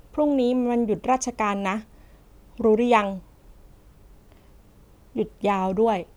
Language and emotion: Thai, neutral